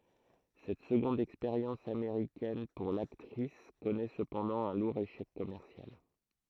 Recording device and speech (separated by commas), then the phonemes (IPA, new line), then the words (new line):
throat microphone, read sentence
sɛt səɡɔ̃d ɛkspeʁjɑ̃s ameʁikɛn puʁ laktʁis kɔnɛ səpɑ̃dɑ̃ œ̃ luʁ eʃɛk kɔmɛʁsjal
Cette seconde expérience américaine pour l'actrice connaît cependant un lourd échec commercial.